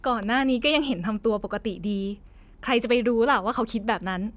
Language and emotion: Thai, frustrated